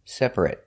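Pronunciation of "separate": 'Separate' is said the adjective way: the ending sounds like 'it', not 'eight' as in the verb.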